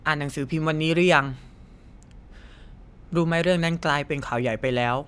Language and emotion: Thai, neutral